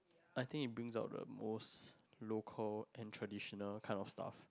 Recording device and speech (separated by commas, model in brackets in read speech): close-talking microphone, conversation in the same room